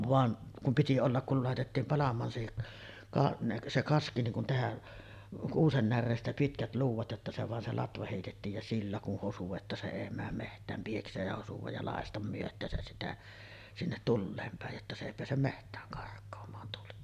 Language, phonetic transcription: Finnish, 'van , kum piti ollak kul 'làetettiim 'palam̆maan se ka- , 'se 'kaski niŋ kun tehä , 'kuusen närreestä 'pitkät 'luuv̆vat jotta se vàen se 'latva hèitettiij ja 'sillä kun hosu että se 'èi määm meht̀ääm 'pieks̀eej ja 'hosuvaj ja 'làestam myöt̆tääsäs sitä , sinnet "tulleem pä̀ej jotta se èi peäsem "meht̀ääŋ kark̆koom̀aan tuli .
- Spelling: vaan kun piti olla kun laitettiin palamaan se - se kaski niin kuin tehdä kuusen näreestä pitkät luudat jotta se vain se latva heitettiin ja sillä kun hosui että se ei mene metsään pieksemään ja hosua ja lakaista myötäänsä sitä sinne tuleen päin jotta se ei pääse metsään karkaamaan tuli

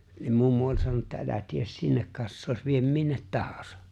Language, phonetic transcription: Finnish, niim 'mummu oĺ 'sanon(u) että » '’elä 'ties "sinnek 'kassooś viem 'minnet "tahᴀsᴀ « .
- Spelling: niin mummo oli sanonut että älä tee sinne kassaa vie minne tahansa

